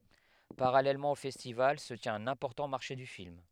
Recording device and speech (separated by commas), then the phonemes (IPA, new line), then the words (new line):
headset microphone, read sentence
paʁalɛlmɑ̃ o fɛstival sə tjɛ̃t œ̃n ɛ̃pɔʁtɑ̃ maʁʃe dy film
Parallèlement au festival, se tient un important marché du film.